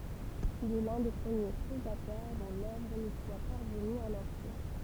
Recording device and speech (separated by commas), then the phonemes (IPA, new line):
temple vibration pickup, read sentence
il ɛ lœ̃ de pʁəmje pʁozatœʁ dɔ̃ lœvʁ nu swa paʁvəny ɑ̃n ɑ̃tje